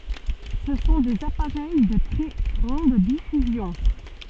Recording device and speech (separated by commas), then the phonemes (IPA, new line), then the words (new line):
soft in-ear microphone, read sentence
sə sɔ̃ dez apaʁɛj də tʁɛ ɡʁɑ̃d difyzjɔ̃
Ce sont des appareils de très grande diffusion.